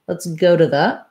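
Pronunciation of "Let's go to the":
In 'Let's go to the', the words link together. The t in 'to' is a flap, almost like a d, and its vowel becomes a schwa, so 'to' sounds like 'duh'; 'the' also has a schwa.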